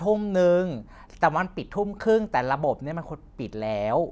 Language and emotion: Thai, frustrated